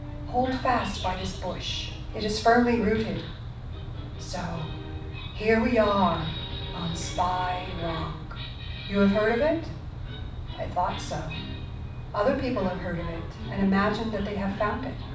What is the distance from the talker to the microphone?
5.8 m.